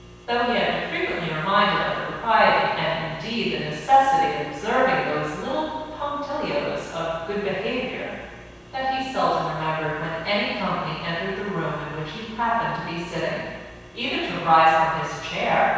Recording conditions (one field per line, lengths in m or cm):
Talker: one person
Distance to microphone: 7.1 m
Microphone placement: far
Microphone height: 1.7 m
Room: very reverberant, large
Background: none